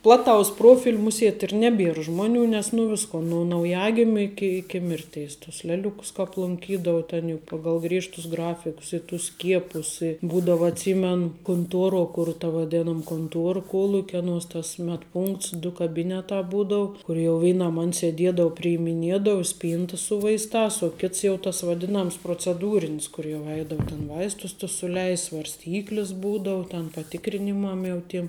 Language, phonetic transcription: Lithuanian, ˈplaˌtaus ˈprofil' ˈmusiet' ir ˈneˌbier ˈžmoˌnių nes nu ˈvisko nu nauˈjagimiu ˈiki ˈiki ˈmirteis tus ˈleˌliukus kāp lunˈkydavu ten juk ˈpagal ˈgriežtus ˈgrafikus i tus ˈskiepus i ˈbūdava atˈsymen kunˈtuoro kur ˈta vaˈdėnam kunˈtuor ˈkuolukia ˈanuos tas medˈpunkts du kaˈbynetā ˈbūdau ˈkur ˈjau ˈveinam an seˈdiedau priimiˈniedau ˈspynta su ˈvaistās u ˈkits jau tas vaˈdinams proceˈdūrinis kur jau ˈeidau ten ˈvaistus tus suˈleist' svarsˈtyklis ˈbūdau ten paˈtikrinimam jau ˈtim

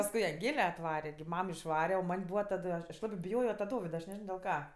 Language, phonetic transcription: Lithuanian, pasˈkui anˈgle atˈvare gi ˈmam išˈvare o ˈman' ˈbūva ˈtadu aš aš ˈlabɜ biˈjojo ta ˈdovida aš neˈžino del ˈka

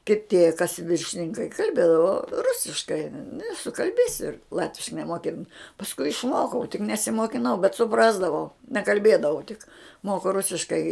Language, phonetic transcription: Lithuanian, kiˈtė kas viršininˈkai kalˈbėdavo ˈrusiškai nu i sukalˈbėsi ˈlatviškai nemoˈkin pasˈkui išˈmokau tik nesimokiˈnau bet suˈprasdavau nekalˈbėdavau tik ˈmoku ˈrusiškai

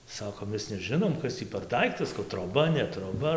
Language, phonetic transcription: Lithuanian, ˈsakom ˈmes neˈžinom ˈkas tį per ˈdaiktas troˈba ne troˈba

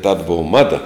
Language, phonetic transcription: Lithuanian, tad ˈbova ˈmada

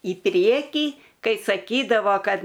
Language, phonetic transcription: Lithuanian, į ˈpriekį ˈkai saˈkydavo ˈkad

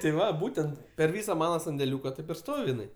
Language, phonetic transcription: Lithuanian, ti ˈva ˈbūtent per ˈvysa ˈmana sandeˈliūka ˈtaip ir ˈstov' jiˈnai

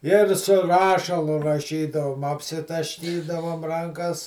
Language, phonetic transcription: Lithuanian, ir su ˈrašalu raˈšydavom apsitašˈkydavom ˈrankas

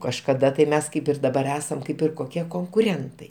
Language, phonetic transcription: Lithuanian, kažkaˈda tai ˈmes ˈkaip ir daˈbar ˈesam ˈkaip ir koˈkie konkuˈrentai

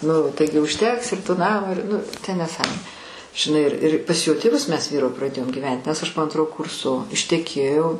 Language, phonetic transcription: Lithuanian, ˈnu ˈtaigi užˈteks ir to ˈnamo ir ˈnu ten neˈsąmonė žiˈnai ir ir pas jo tėˈvus ˈmes praˈdėjom gyˈven't' nes ˈaš po ˈantro ˈkurso išteˈkėjau

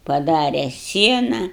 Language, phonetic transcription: Lithuanian, paˈdare ˈsiena

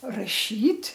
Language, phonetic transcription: Lithuanian, raˈšyt'

